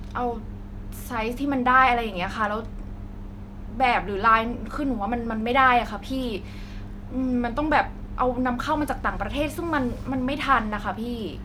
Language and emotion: Thai, frustrated